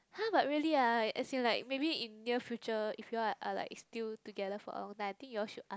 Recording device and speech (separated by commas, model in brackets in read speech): close-talking microphone, conversation in the same room